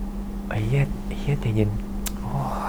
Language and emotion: Thai, frustrated